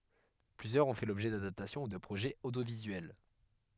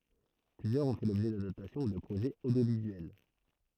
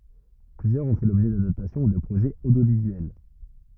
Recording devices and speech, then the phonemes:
headset microphone, throat microphone, rigid in-ear microphone, read sentence
plyzjœʁz ɔ̃ fɛ lɔbʒɛ dadaptasjɔ̃ u də pʁoʒɛz odjovizyɛl

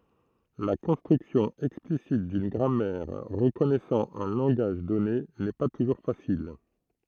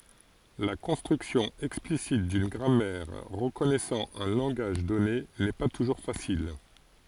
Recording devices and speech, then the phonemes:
throat microphone, forehead accelerometer, read sentence
la kɔ̃stʁyksjɔ̃ ɛksplisit dyn ɡʁamɛʁ ʁəkɔnɛsɑ̃ œ̃ lɑ̃ɡaʒ dɔne nɛ pa tuʒuʁ fasil

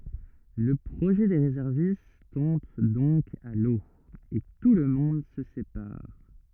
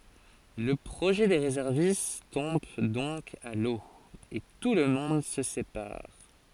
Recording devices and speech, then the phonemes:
rigid in-ear microphone, forehead accelerometer, read sentence
lə pʁoʒɛ de ʁezɛʁvist tɔ̃b dɔ̃k a lo e tulmɔ̃d sə sepaʁ

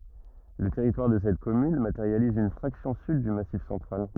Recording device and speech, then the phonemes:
rigid in-ear microphone, read sentence
lə tɛʁitwaʁ də sɛt kɔmyn mateʁjaliz yn fʁaksjɔ̃ syd dy masif sɑ̃tʁal

